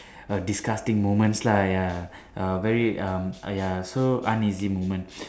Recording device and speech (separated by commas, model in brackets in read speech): standing microphone, conversation in separate rooms